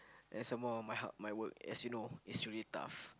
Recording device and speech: close-talking microphone, conversation in the same room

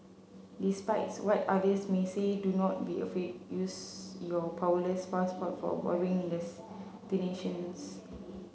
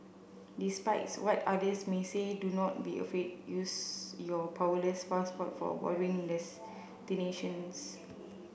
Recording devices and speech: mobile phone (Samsung C7), boundary microphone (BM630), read sentence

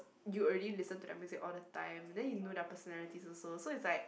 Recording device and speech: boundary microphone, conversation in the same room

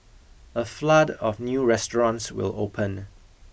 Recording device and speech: boundary microphone (BM630), read sentence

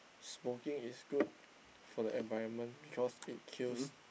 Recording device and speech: boundary microphone, conversation in the same room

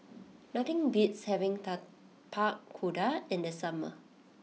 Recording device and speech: mobile phone (iPhone 6), read sentence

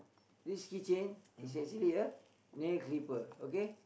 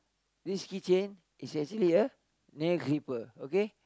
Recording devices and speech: boundary microphone, close-talking microphone, conversation in the same room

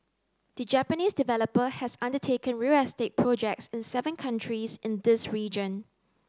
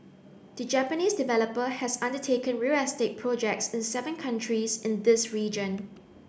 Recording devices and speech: close-talking microphone (WH30), boundary microphone (BM630), read sentence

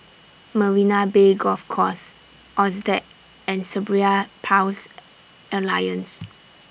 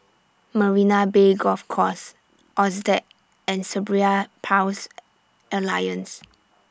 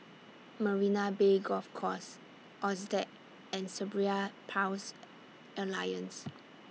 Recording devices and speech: boundary microphone (BM630), standing microphone (AKG C214), mobile phone (iPhone 6), read sentence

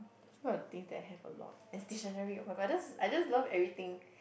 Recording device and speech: boundary microphone, conversation in the same room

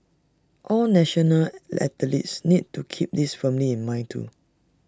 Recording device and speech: standing microphone (AKG C214), read sentence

